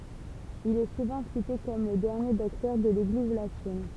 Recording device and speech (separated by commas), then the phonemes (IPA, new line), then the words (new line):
temple vibration pickup, read sentence
il ɛ suvɑ̃ site kɔm lə dɛʁnje dɔktœʁ də leɡliz latin
Il est souvent cité comme le dernier docteur de l'Église latine.